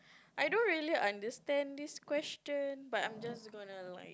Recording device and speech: close-talking microphone, conversation in the same room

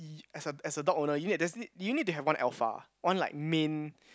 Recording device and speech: close-talking microphone, conversation in the same room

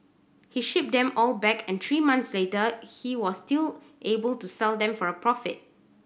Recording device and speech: boundary microphone (BM630), read sentence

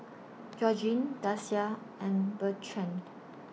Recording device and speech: mobile phone (iPhone 6), read sentence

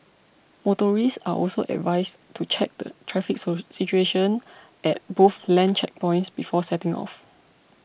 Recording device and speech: boundary microphone (BM630), read sentence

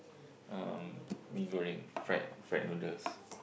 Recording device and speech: boundary microphone, conversation in the same room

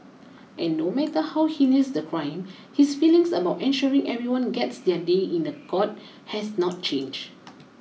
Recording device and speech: mobile phone (iPhone 6), read sentence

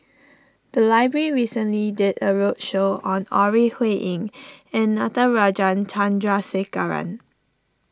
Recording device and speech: standing microphone (AKG C214), read sentence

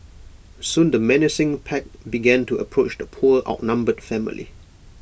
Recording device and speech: boundary microphone (BM630), read sentence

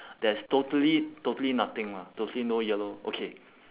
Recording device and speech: telephone, conversation in separate rooms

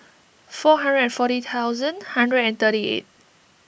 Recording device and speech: boundary microphone (BM630), read sentence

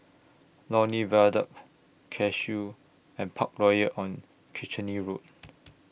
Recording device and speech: boundary microphone (BM630), read sentence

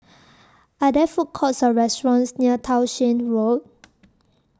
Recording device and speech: standing microphone (AKG C214), read sentence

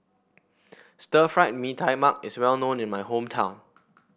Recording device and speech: boundary microphone (BM630), read sentence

